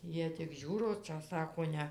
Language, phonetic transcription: Lithuanian, ˈjie tik ˈžiūro ˈčia ˈsako ˈne

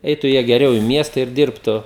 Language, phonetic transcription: Lithuanian, ˈeitu ˈjie geˈriau i ˈmiesta ir ˈdirbtu

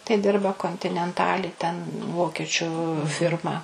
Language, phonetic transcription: Lithuanian, tai ˈdirba kontinenˈtali ten ˈvokiečiu ˈfirma

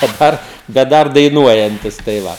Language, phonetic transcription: Lithuanian, daˈbar bet ˈdar daiˈnuojantis tai ˈva

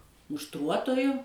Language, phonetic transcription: Lithuanian, mušˈtruotoju

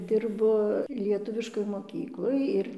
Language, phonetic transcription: Lithuanian, ˈdirbu lieˈtuviškoj moˈkykloj ir

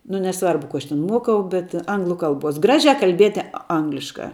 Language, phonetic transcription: Lithuanian, nu neˈsvarbu ku ˈaš ten ˈmuokau bet ˈanglu ˈkalbuos ˈgražia kalˈbieti ˈangliška

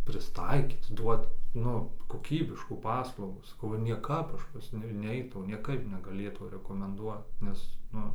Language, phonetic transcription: Lithuanian, prisˈtaikyt ˈduot ˈnu koˈkybiškų ˈpaslaugų saˈkau nieˈkap ˈaš pas ˈniu ˈneitau nieˈkaip negaˈlėtau rekomenˈduot ˈnes ˈnu

